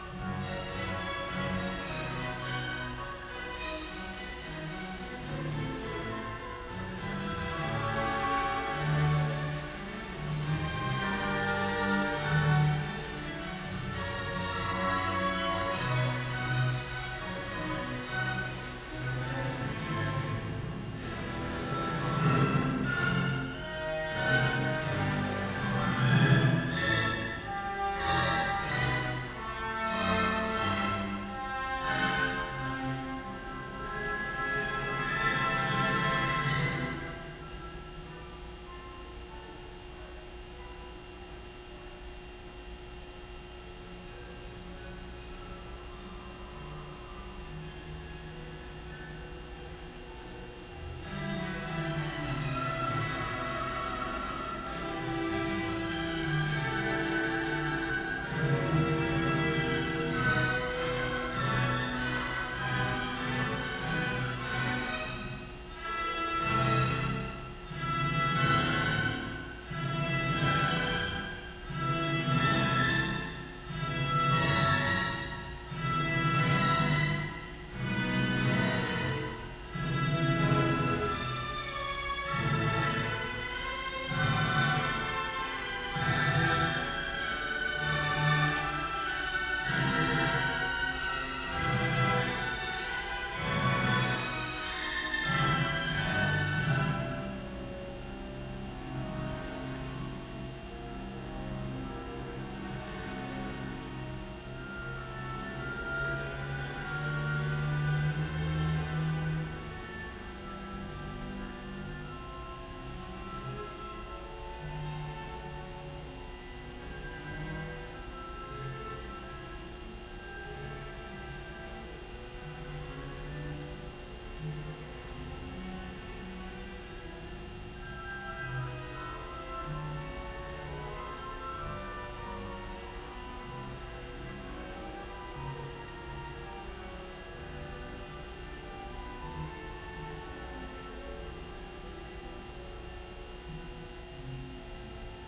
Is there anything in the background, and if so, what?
Music.